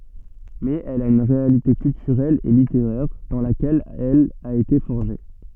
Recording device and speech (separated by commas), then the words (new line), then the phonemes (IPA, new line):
soft in-ear microphone, read sentence
Mais elle a une réalité culturelle et littéraire, dans laquelle elle a été forgée.
mɛz ɛl a yn ʁealite kyltyʁɛl e liteʁɛʁ dɑ̃ lakɛl ɛl a ete fɔʁʒe